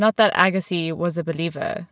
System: none